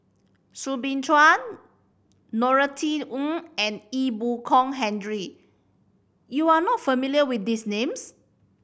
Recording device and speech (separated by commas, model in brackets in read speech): boundary microphone (BM630), read sentence